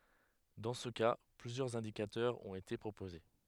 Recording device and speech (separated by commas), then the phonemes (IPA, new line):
headset microphone, read sentence
dɑ̃ sə ka plyzjœʁz ɛ̃dikatœʁz ɔ̃t ete pʁopoze